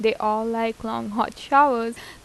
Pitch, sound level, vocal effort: 225 Hz, 84 dB SPL, normal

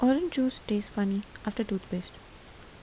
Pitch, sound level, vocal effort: 215 Hz, 77 dB SPL, soft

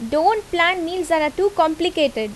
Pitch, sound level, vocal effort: 335 Hz, 85 dB SPL, loud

